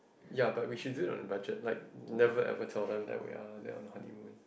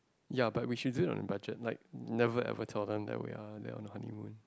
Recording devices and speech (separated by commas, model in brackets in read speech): boundary microphone, close-talking microphone, conversation in the same room